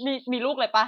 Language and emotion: Thai, happy